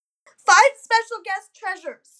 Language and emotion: English, sad